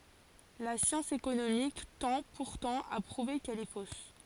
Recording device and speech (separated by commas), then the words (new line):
forehead accelerometer, read sentence
La science économique tend, pourtant, à prouver qu’elle est fausse.